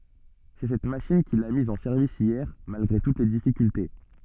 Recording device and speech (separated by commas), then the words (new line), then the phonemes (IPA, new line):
soft in-ear microphone, read sentence
C'est cette machine qu'il a mise en service hier malgré toutes les difficultés.
sɛ sɛt maʃin kil a miz ɑ̃ sɛʁvis jɛʁ malɡʁe tut le difikylte